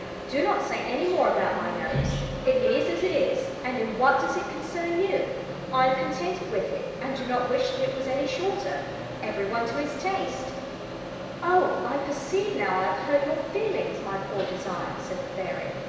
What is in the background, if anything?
A television.